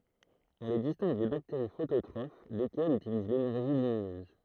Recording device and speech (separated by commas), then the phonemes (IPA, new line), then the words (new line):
throat microphone, read sentence
ɔ̃ le distɛ̃ɡ de bakteʁi fototʁof lekɛlz ytiliz lenɛʁʒi lyminøz
On les distingue des bactéries phototrophes, lesquelles utilisent l'énergie lumineuse.